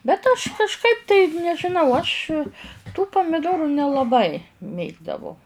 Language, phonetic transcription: Lithuanian, bet aš kažˈkaip tai nežiˈnau aš tų pamiˈdoru nelaˈbai ˈmėgdavau

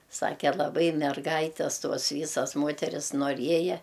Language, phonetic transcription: Lithuanian, ˈsake laˈbai merˈgaites ˈtos ˈvysas ˈmoteris noˈrieja

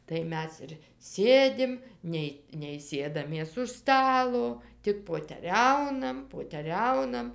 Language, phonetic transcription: Lithuanian, tai ˈmes ir ˈsėdim ˈnei nei ˈsėdamės už ˈstalo ˈtik poteˈriaunam poteˈriaunam

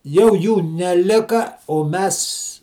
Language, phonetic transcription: Lithuanian, ˈjau ˈjų neˈlika o ˈmes

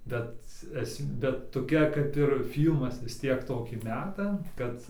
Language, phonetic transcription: Lithuanian, bet ˈesm ˈbet toˈkia kap ir ˈfylmas vis ˈtiek ˈtokį ˈmeta ˈkad

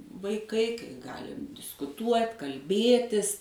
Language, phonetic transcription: Lithuanian, vaiˈkai kai ˈgalim diskuˈtuot' kalˈbėtis

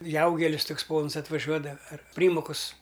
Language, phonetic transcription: Lithuanian, ˈjaugelis ˈtuks ˈpons atvaˈžiuoda ar ˈprymokus

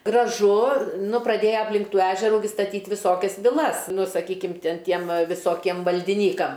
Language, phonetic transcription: Lithuanian, graˈžu ˈnu praˈdėja apˈlink ˈtų ˈežerų gi staˈtyt' viˈsokias viˈlas ˈnu saˈkykim ˈtin ˈtiem va viˈsokiem valdiˈnykam

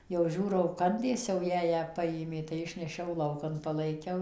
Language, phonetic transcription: Lithuanian, jau ˈžiūrau ˈkandės jau ˈjąją ˈpajėmė tai ˈišnešiau ˈlaukan palaiˈkiau

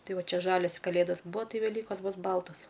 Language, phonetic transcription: Lithuanian, ˈtai ˈva ˈčia ˈžalias kaˈlėdas ˈbūa ˈtai veˈlykos ˈbus ˈbaltos

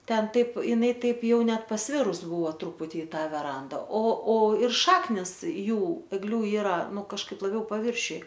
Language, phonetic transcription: Lithuanian, ˈten ˈtaip iˈnai ˈtaip ˈjau ˈnet pasˈvirus ˈbuvo ˈtruputi i ˈta veˈranda o o ir ˈšaknis ˈjų egˈliu ˈyra ˈnu kažˈkaip laˈbiau paˈviršiuj

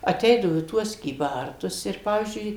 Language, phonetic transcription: Lithuanian, aˈteidavo į ˈtuos kyˈbartus ir ˈpavyzdžiui

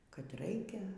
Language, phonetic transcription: Lithuanian, kad ˈraikia

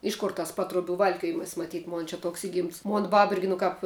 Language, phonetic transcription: Lithuanian, ˈiš kor tas ˈpatruoˌbių ˈvalkiojimas maˈtyt ˈmon čia ˈtoks ˈigimts ˈmon ˈbab ˈirgi nu ˈkāp

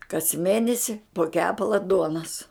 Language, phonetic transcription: Lithuanian, kas ˈmėnesi po ˈkepala ˈduonas

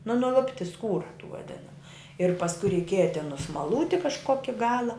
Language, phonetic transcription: Lithuanian, nu nuˈlupti ˈskūra tų vaˈdinamu ir pasˈku reiˈkieja tin nusmaˈlūti kažˈkoki ˈgala

